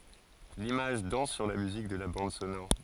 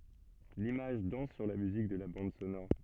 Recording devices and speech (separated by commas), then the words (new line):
forehead accelerometer, soft in-ear microphone, read sentence
L'image danse sur la musique de la bande sonore.